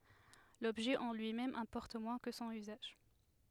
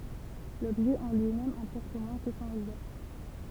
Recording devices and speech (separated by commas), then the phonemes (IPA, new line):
headset microphone, temple vibration pickup, read sentence
lɔbʒɛ ɑ̃ lyimɛm ɛ̃pɔʁt mwɛ̃ kə sɔ̃n yzaʒ